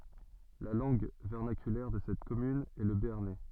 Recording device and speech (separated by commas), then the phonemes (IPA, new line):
soft in-ear microphone, read sentence
la lɑ̃ɡ vɛʁnakylɛʁ də sɛt kɔmyn ɛ lə beaʁnɛ